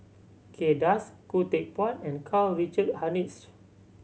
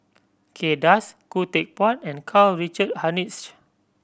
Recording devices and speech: mobile phone (Samsung C7100), boundary microphone (BM630), read sentence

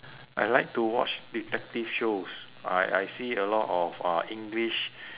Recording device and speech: telephone, conversation in separate rooms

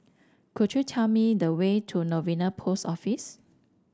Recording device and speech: standing microphone (AKG C214), read sentence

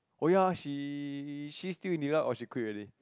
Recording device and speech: close-talking microphone, conversation in the same room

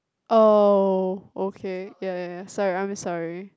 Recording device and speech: close-talking microphone, conversation in the same room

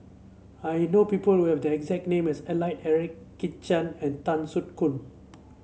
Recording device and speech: mobile phone (Samsung C7), read sentence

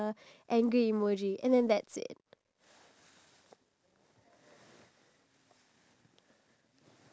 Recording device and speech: standing microphone, conversation in separate rooms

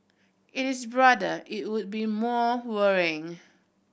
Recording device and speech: boundary microphone (BM630), read sentence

